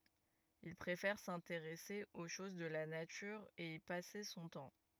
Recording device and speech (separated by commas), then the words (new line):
rigid in-ear microphone, read sentence
Il préfère s’intéresser aux choses de la nature et y passer son temps.